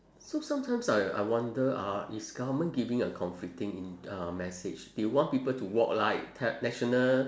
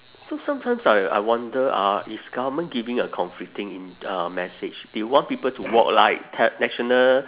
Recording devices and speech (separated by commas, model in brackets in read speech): standing microphone, telephone, conversation in separate rooms